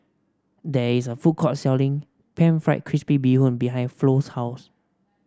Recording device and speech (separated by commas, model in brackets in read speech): standing microphone (AKG C214), read sentence